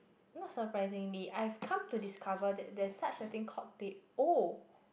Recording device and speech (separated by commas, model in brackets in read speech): boundary microphone, conversation in the same room